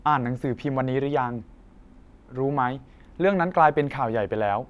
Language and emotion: Thai, neutral